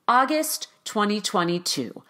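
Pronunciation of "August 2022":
The pitch steps down at the end of 'August 2022', which marks the information as finished.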